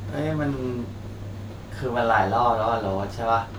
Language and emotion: Thai, frustrated